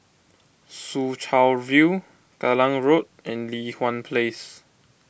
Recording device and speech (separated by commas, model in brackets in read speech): boundary microphone (BM630), read sentence